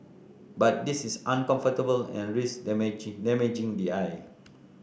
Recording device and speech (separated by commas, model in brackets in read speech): boundary microphone (BM630), read sentence